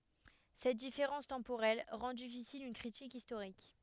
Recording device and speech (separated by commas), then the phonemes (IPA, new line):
headset microphone, read sentence
sɛt difeʁɑ̃s tɑ̃poʁɛl ʁɑ̃ difisil yn kʁitik istoʁik